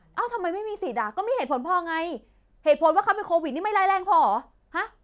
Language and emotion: Thai, angry